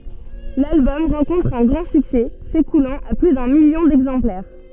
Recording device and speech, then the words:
soft in-ear microphone, read sentence
L'album rencontre un grand succès, s'écoulant à plus d'un million d'exemplaires.

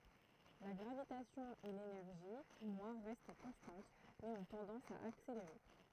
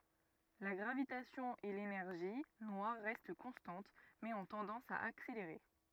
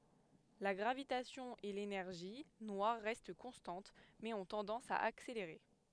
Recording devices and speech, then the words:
throat microphone, rigid in-ear microphone, headset microphone, read sentence
La gravitation et l'énergie noire restent constantes mais ont tendance à accélérer.

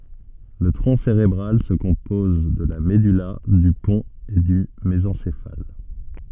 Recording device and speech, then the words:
soft in-ear microphone, read sentence
Le tronc cérébral se compose de la medulla, du pont et du mésencéphale.

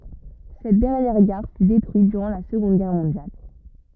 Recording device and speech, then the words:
rigid in-ear microphone, read sentence
Cette dernière gare fut détruite durant la Seconde Guerre mondiale.

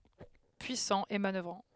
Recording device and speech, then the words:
headset microphone, read sentence
Puissant et manoeuvrant.

